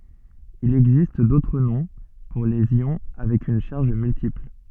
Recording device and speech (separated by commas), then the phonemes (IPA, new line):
soft in-ear microphone, read sentence
il ɛɡzist dotʁ nɔ̃ puʁ lez jɔ̃ avɛk yn ʃaʁʒ myltipl